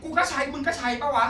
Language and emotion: Thai, angry